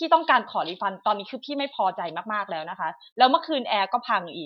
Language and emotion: Thai, frustrated